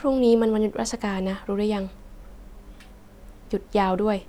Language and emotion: Thai, frustrated